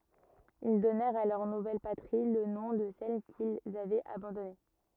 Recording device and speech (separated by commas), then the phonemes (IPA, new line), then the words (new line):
rigid in-ear microphone, read sentence
il dɔnɛʁt a lœʁ nuvɛl patʁi lə nɔ̃ də sɛl kilz avɛt abɑ̃dɔne
Ils donnèrent à leur nouvelle patrie, le nom de celle qu'ils avaient abandonnée.